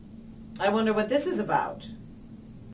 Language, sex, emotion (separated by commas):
English, female, disgusted